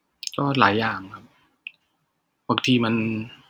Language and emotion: Thai, frustrated